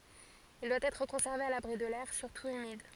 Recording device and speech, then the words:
forehead accelerometer, read sentence
Il doit être conservé à l'abri de l'air, surtout humide.

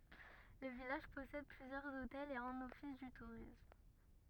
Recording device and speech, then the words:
rigid in-ear microphone, read sentence
Le village possède plusieurs hôtels et un office du tourisme.

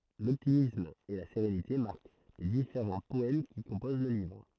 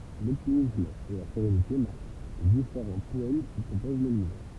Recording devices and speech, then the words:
throat microphone, temple vibration pickup, read sentence
L'optimisme et la sérénité marquent les différents poèmes qui composent le livre.

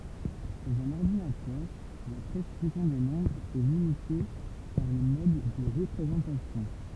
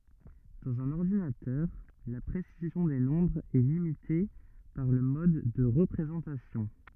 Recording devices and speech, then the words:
temple vibration pickup, rigid in-ear microphone, read sentence
Dans un ordinateur, la précision des nombres est limitée par le mode de représentation.

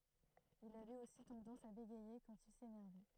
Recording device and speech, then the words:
throat microphone, read sentence
Il avait aussi tendance à bégayer quand il s'énervait.

